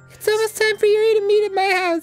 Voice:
Falsetto